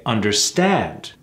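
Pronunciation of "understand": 'Understand' is said correctly here, with the right rhythm.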